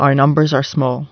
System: none